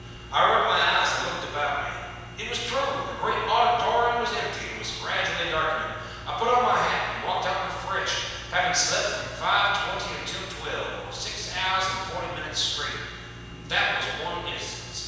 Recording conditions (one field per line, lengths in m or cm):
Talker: one person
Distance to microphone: 7.1 m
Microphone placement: far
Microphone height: 1.7 m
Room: very reverberant, large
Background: none